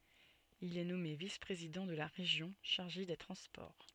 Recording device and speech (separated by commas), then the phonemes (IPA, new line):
soft in-ear microphone, read sentence
il ɛ nɔme vis pʁezidɑ̃ də la ʁeʒjɔ̃ ʃaʁʒe de tʁɑ̃spɔʁ